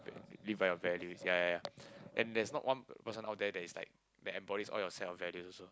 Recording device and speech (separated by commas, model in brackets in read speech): close-talking microphone, conversation in the same room